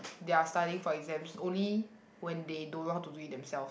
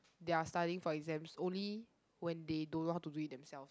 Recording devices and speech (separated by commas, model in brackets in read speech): boundary microphone, close-talking microphone, conversation in the same room